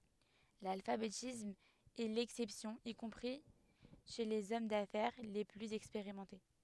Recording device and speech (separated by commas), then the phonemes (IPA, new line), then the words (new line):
headset microphone, read sentence
lalfabetism ɛ lɛksɛpsjɔ̃ i kɔ̃pʁi ʃe lez ɔm dafɛʁ le plyz ɛkspeʁimɑ̃te
L'alphabétisme est l'exception y compris chez les hommes d'affaires les plus expérimentés.